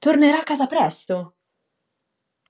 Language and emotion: Italian, surprised